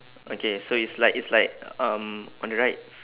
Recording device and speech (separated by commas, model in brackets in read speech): telephone, conversation in separate rooms